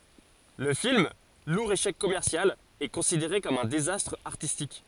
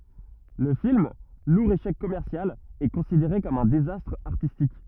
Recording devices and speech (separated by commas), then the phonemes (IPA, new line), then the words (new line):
forehead accelerometer, rigid in-ear microphone, read sentence
lə film luʁ eʃɛk kɔmɛʁsjal ɛ kɔ̃sideʁe kɔm œ̃ dezastʁ aʁtistik
Le film, lourd échec commercial, est considéré comme un désastre artistique.